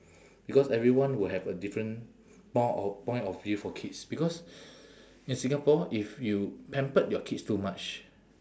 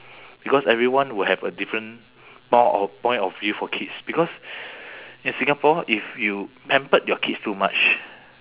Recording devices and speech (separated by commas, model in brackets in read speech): standing microphone, telephone, conversation in separate rooms